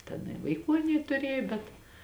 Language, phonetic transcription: Lithuanian, ten i vaiˈkų aˈnie tuˈrėjo bet

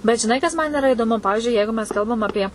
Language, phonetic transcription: Lithuanian, bet žiˈnai kas ˈman iˈra idoˈmu ˈpavižiui ˈjeigu mes ˈkalbam aˈpie

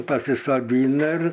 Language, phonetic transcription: Lithuanian, pasisaˈdyna ir

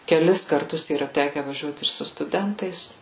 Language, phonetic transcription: Lithuanian, keˈlis karˈtus yˈra ˈteke vaˈžiuot ir su stuˈdentais

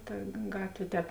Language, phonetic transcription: Lithuanian, toj ˈgatvė ˈtēp

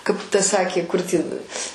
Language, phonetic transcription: Lithuanian, kaip ˈta ˈsakė kur ˈtįn

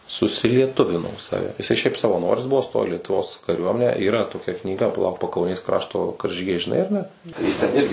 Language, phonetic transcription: Lithuanian, susilieˈtuvino ˈsave jiˈsai ˈšiaip savaˈnoris ˈbuvo ˈstojo į lietuˈvos kaˈriuomenę yˈra toˈkia knyˈga paˈlauk pakauˈnės ˈkrašto karžyˈgiai žiˈnai ar ˈne ˈjis ten ˈirgi

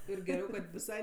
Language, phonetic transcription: Lithuanian, ir geˈriau kad viˈsai

